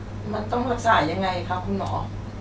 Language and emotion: Thai, sad